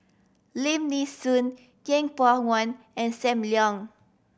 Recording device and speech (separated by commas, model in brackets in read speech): boundary microphone (BM630), read sentence